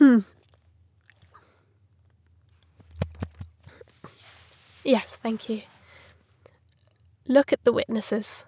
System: none